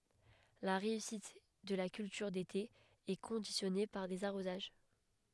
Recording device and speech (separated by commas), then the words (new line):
headset microphone, read sentence
La réussite de la culture d'été est conditionnée par des arrosages.